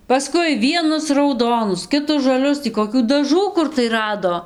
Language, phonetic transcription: Lithuanian, paˈskui ˈvienus rauˈdonus ˌkitus žaˈlius tį koˈkių daˈžų ˈkur tai ˈrado

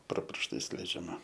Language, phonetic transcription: Lithuanian, pro piršˈtais leidžiaˈma

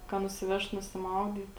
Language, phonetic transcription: Lithuanian, ka nusiˈvešt nusiˈmaudyt

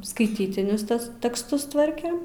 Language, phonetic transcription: Lithuanian, skaiˈtytinius ˈtes teksˈtus ˈtvarkėm

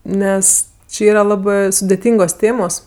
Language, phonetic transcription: Lithuanian, ˈnes ˈči ˈyra ˈlabɜ sudeˈtyngos ˈtėmos

